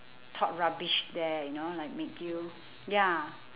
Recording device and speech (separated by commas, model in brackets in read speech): telephone, conversation in separate rooms